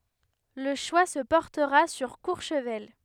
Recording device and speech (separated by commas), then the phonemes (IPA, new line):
headset microphone, read sentence
lə ʃwa sə pɔʁtəʁa syʁ kuʁʃvɛl